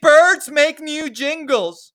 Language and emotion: English, disgusted